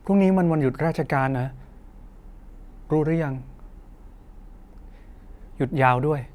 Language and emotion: Thai, frustrated